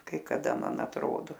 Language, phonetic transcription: Lithuanian, kai kaˈda ˈman atˈrodo

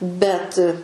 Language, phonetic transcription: Lithuanian, bet

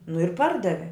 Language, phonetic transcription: Lithuanian, nu ir ˈpardavi

